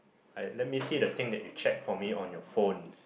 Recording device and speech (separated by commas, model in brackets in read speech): boundary microphone, conversation in the same room